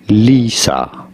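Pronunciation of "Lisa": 'Lisa' is pronounced correctly here.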